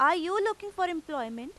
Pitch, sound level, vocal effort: 350 Hz, 94 dB SPL, loud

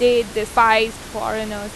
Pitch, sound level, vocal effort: 220 Hz, 91 dB SPL, loud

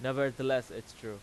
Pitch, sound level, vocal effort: 130 Hz, 94 dB SPL, very loud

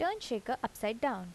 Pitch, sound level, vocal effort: 235 Hz, 82 dB SPL, normal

